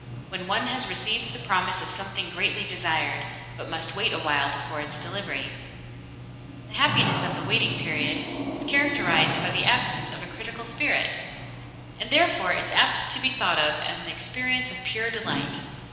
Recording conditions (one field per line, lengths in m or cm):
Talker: one person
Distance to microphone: 1.7 m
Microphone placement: close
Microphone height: 1.0 m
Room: very reverberant, large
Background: television